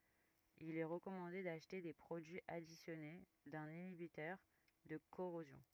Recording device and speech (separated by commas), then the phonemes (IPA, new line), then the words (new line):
rigid in-ear microphone, read sentence
il ɛ ʁəkɔmɑ̃de daʃte de pʁodyiz adisjɔne dœ̃n inibitœʁ də koʁozjɔ̃
Il est recommandé d’acheter des produits additionnés d’un inhibiteur de corrosion.